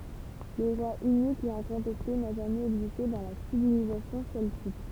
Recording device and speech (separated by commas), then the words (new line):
temple vibration pickup, read sentence
Le roi unique et incontesté n'a jamais existé dans la civilisation celtique.